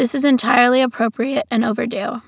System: none